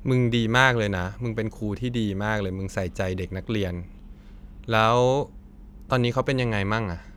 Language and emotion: Thai, neutral